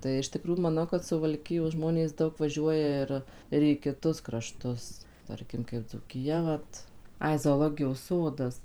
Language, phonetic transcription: Lithuanian, tai iš tiˈkrųju maˈnau kad suvalˈkijos ˈžmonės ˈdaug vaˈžiuoja ir ir į kiˈtus kraˈštus ˈtarkim kaip dzūkiˈja ˈvat ˈai zoˈlogijos ˈsodas

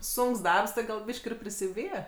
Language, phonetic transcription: Lithuanian, ˈsunks ˈdarbs ti gal ˈbyš'k' ir prisiˈbyje

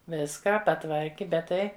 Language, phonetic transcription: Lithuanian, ˈviską paˈtvarki ˈbet ˈtai

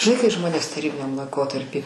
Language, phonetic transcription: Lithuanian, žiˈnai kai ˈžmonės taˈrybiniam laiˈkotarpy

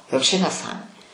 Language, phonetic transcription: Lithuanian, jau ˈčia neˈsąmonė

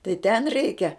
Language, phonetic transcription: Lithuanian, tai ten ˈreikia

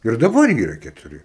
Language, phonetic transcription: Lithuanian, ir daˈbar ˈyra ketuˈri

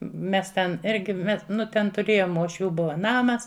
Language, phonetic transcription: Lithuanian, ˈmes ten ˈirgi me ˈnu ten tuˈrėjom uošˈvių ˈbuva ˈnamas

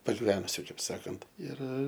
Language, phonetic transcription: Lithuanian, pagiˈvenusiu ˈkaip ˈsakant ir

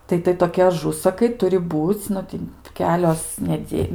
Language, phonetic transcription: Lithuanian, ˈtai tai toˈki aˈžusakai ˈturi ˈbūc' ˈnu ti ˈkelios neˈdė

